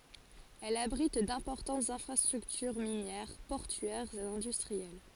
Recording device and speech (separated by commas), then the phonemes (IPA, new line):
forehead accelerometer, read sentence
ɛl abʁit dɛ̃pɔʁtɑ̃tz ɛ̃fʁastʁyktyʁ minjɛʁ pɔʁtyɛʁz e ɛ̃dystʁiɛl